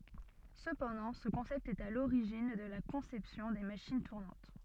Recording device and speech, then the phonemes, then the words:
soft in-ear microphone, read sentence
səpɑ̃dɑ̃ sə kɔ̃sɛpt ɛt a loʁiʒin də la kɔ̃sɛpsjɔ̃ de maʃin tuʁnɑ̃t
Cependant ce concept est à l'origine de la conception des machines tournantes.

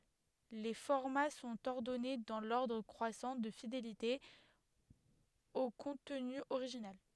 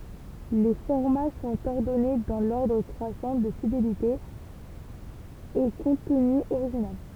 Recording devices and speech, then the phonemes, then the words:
headset microphone, temple vibration pickup, read sentence
le fɔʁma sɔ̃t ɔʁdɔne dɑ̃ lɔʁdʁ kʁwasɑ̃ də fidelite o kɔ̃tny oʁiʒinal
Les formats sont ordonnés dans l'ordre croissant de fidélité au contenu original.

